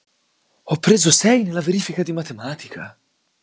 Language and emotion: Italian, surprised